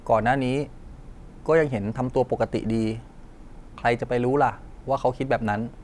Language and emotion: Thai, neutral